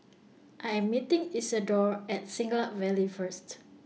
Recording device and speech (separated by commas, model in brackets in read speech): mobile phone (iPhone 6), read sentence